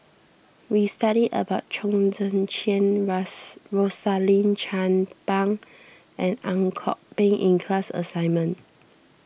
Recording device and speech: boundary microphone (BM630), read sentence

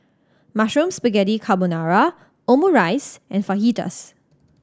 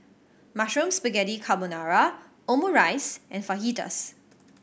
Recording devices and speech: standing microphone (AKG C214), boundary microphone (BM630), read sentence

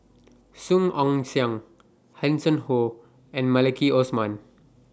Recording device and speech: standing microphone (AKG C214), read sentence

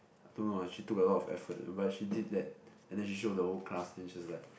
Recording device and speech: boundary microphone, conversation in the same room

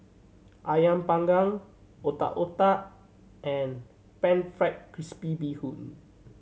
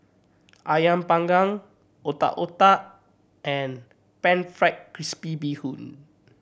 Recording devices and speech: mobile phone (Samsung C7100), boundary microphone (BM630), read sentence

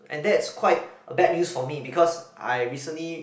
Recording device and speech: boundary microphone, conversation in the same room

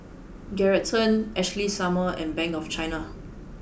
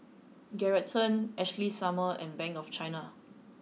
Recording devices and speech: boundary microphone (BM630), mobile phone (iPhone 6), read sentence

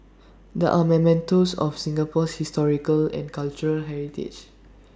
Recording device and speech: standing microphone (AKG C214), read sentence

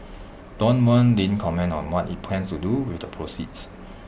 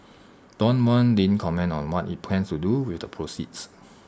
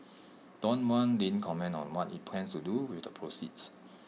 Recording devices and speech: boundary microphone (BM630), standing microphone (AKG C214), mobile phone (iPhone 6), read sentence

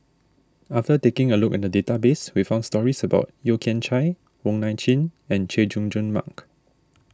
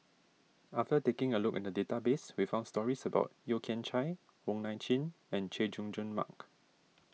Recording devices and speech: standing microphone (AKG C214), mobile phone (iPhone 6), read sentence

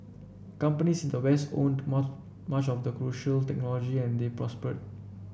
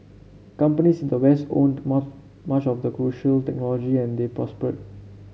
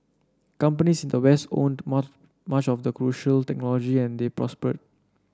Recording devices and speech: boundary microphone (BM630), mobile phone (Samsung C7), standing microphone (AKG C214), read sentence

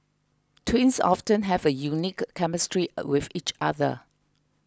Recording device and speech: close-talking microphone (WH20), read sentence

